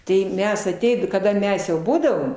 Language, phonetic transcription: Lithuanian, tai ˈmes aˈteid kaˈda ˈmes jau ˈbūdavom

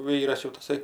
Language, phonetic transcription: Lithuanian, ˈvyras jau taˈsai

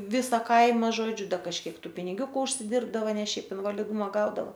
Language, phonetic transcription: Lithuanian, ˈvisa ˈkaima ˈžodžiu ˈda kažˈkiek ˈtų piniˈgiūku užsiˈdirbdava ˈne ˈšiaip invaliˈduma ˈgaudavo

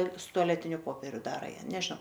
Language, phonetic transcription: Lithuanian, su tuaˈletiniu ˈpoperiu ˈdara ˈją nežnau

